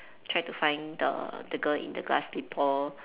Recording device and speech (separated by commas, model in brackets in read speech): telephone, conversation in separate rooms